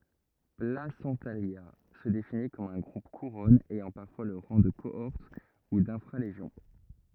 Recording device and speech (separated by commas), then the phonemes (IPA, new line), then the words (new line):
rigid in-ear microphone, read sentence
plasɑ̃talja sə defini kɔm œ̃ ɡʁup kuʁɔn ɛjɑ̃ paʁfwa lə ʁɑ̃ də koɔʁt u dɛ̃fʁa leʒjɔ̃
Placentalia se définit comme un groupe-couronne ayant parfois le rang de cohorte ou d'infra-légion.